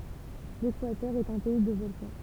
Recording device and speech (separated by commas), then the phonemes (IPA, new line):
temple vibration pickup, read sentence
lekwatœʁ ɛt œ̃ pɛi də vɔlkɑ̃